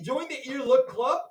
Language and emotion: English, surprised